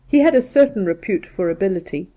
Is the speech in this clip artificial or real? real